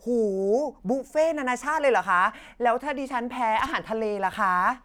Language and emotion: Thai, happy